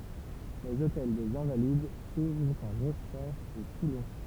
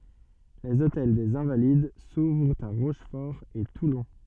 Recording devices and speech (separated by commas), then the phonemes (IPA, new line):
temple vibration pickup, soft in-ear microphone, read sentence
lez otɛl dez ɛ̃valid suvʁt a ʁoʃfɔʁ e tulɔ̃